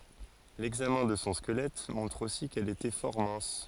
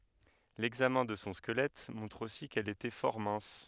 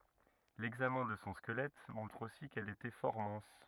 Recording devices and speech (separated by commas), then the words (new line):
forehead accelerometer, headset microphone, rigid in-ear microphone, read sentence
L'examen de son squelette montre aussi qu'elle était fort mince.